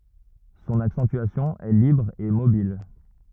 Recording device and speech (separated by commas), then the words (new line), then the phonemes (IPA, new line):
rigid in-ear microphone, read sentence
Son accentuation est libre et mobile.
sɔ̃n aksɑ̃tyasjɔ̃ ɛ libʁ e mobil